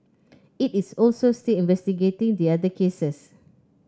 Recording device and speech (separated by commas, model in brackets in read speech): close-talking microphone (WH30), read sentence